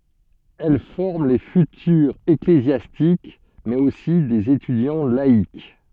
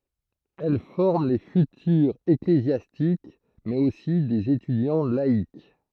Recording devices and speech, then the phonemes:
soft in-ear microphone, throat microphone, read sentence
ɛl fɔʁm le fytyʁz eklezjastik mɛz osi dez etydjɑ̃ laik

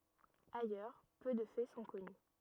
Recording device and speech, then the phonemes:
rigid in-ear microphone, read sentence
ajœʁ pø də fɛ sɔ̃ kɔny

